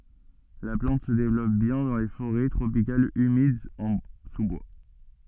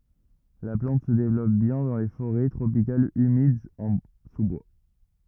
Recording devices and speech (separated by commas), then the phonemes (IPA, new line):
soft in-ear microphone, rigid in-ear microphone, read sentence
la plɑ̃t sə devlɔp bjɛ̃ dɑ̃ le foʁɛ tʁopikalz ymidz ɑ̃ su bwa